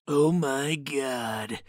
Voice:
gravelly voice